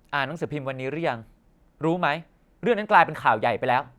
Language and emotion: Thai, neutral